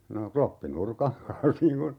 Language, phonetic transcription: Finnish, no , 'kloppi"nurkaŋ kans 'niiŋ kun ,.
- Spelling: no kloppinurkan kanssa niin kuin

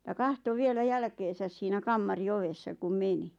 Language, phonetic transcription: Finnish, ja "kahto vielä 'jälkeesäs siinä 'kammari "ovessa kum "meni .
- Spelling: ja katsoi vielä jälkeensä siinä kamarin ovessa kun meni

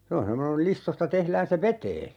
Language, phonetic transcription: Finnish, 'se on semmoneŋ (kul) "listosta 'tehlään se "vetee .
- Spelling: se on semmoinen kuin listoista tehdään se veteen

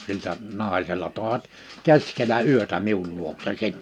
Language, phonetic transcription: Finnish, 'sil̳tä , 'nàisella tòevat , 'keskelä 'yötä 'miul luokse sen .
- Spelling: siltä naisella toivat keskellä yötä minun luokse sen

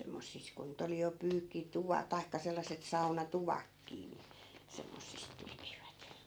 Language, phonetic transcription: Finnish, 'semmossis ku ny't ‿oli jo 'pyykki'tuva- , 'tai̮kka sellas̆set 'sauna"tuvakkii ni , 'semmossis 'tekivät .
- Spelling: semmoisissa kun nyt oli jo - tai sellaiset saunatuvatkin niin semmoisissa tekivät

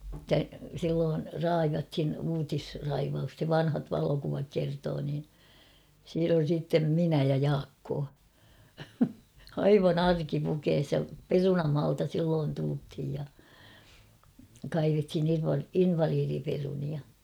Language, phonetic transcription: Finnish, [et]tä 'silloon , "raivathin 'uutisraivaus[ta] (se) » "vanhat 'valokuvak 'kertoo « niin , siin ‿on̬ siittem 'minä ja "Jaakkoo , 'aivan ‿"arkipukees ja "perunamaalta 'silloon tulthij ja , 'kaivethin ‿inva- "invaliiriperunia .
- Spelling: että silloin raivattiin uutisraivausta se vanhat valokuvat kertoo niin siinä on sitten minä ja Jaakko aivan arkipukeissa ja perunamaalta silloin tultiin ja kaivettiin - invalidiperunoita

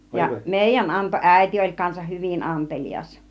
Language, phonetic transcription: Finnish, ja "mèijän 'anto , "ä̀iti oĺ kansah "hyvin 'antelijas .
- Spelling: ja meidän antoi äiti oli kanssa hyvin antelias

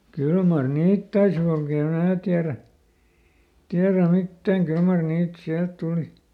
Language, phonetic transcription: Finnish, ˈkyl mar "niit tais kulkee (em) ˈmää tiärä , ˈtiärä ˈmittääŋ "kyl mar ˈniit ˈsiält ˈtùli .
- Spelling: kyllä mar niitä taisi kulkea en minä tiedä tiedä mitään kyllä mar niitä sieltä tuli

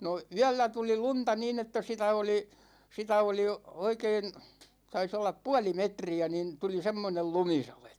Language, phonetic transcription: Finnish, no , 'yällä 'tuli 'lunta niin ‿että 'sitä oli , 'sitä oli 'oikeen , 'tais ollap "puali 'metri₍ä nin 'tuli "semmonel 'lumisalet .
- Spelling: no yöllä tuli lunta niin että sitä oli sitä oli oikein taisi olla puoli metriä niin tuli semmoinen lumisade

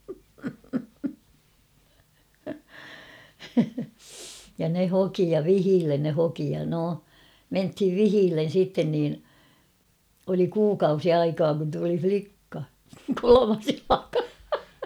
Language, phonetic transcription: Finnish, ja ne 'hoki ja "vihiillen ne 'hoki ja 'no , 'menthiv "vihiillen̬ sitten niin , oli 'kuukausi "aikaa kun tuli "flikka , "kolomas 'jalaka !
- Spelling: ja ne hoki ja vihille ne hoki ja no mentiin vihille sitten niin oli kuukausi aikaa kun tuli likka kolmas jalka

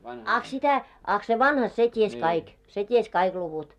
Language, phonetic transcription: Finnish, 'aχ 'sitä , 'aχ se "vanha 'se 't́ies 'kaik , 'se 't́ies kaiɢ luvut .
- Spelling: ah sitä ah se vanha se tiesi kaikki se tiesi kaikki luvut

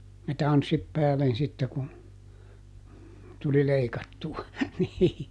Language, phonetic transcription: Finnish, ja "tanssit ˈpäälen sitte ku , tuli ˈleikattu₍a , nii .
- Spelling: ja tanssit päälle sitten kun tuli leikattua niin

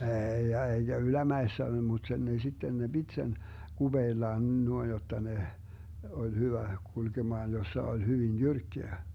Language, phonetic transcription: Finnish, 'eeij ‿ja 'eiGä "ylämäessä mut 'sen ne 'sitten ne 'Bit sen , "GuBeellaan 'nuoin jotta ne , 'oĺ "hyvä 'kulkemaan 'jossa 'oĺ 'hyvin "jyrkkeä .
- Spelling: ei ja eikä ylämäessä mutta sen ne sitten ne piti sen kupeellaan noin jotta ne oli hyvä kulkemaan jossa oli hyvin jyrkkää

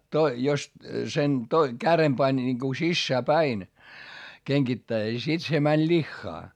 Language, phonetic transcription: Finnish, jos sen to- , kärem pań ńiŋku sissää päin , keŋGittäis - sit se mäń ĺiχχaa .
- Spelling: jos sen - kärjen pani niin kun sisään päin kengittäessä sitten se meni lihaan

